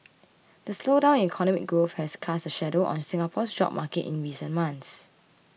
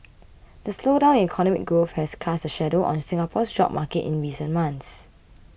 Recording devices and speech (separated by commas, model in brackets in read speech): mobile phone (iPhone 6), boundary microphone (BM630), read sentence